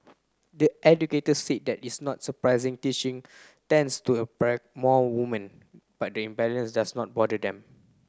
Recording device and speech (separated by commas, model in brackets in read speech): close-talking microphone (WH30), read sentence